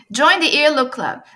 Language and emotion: English, happy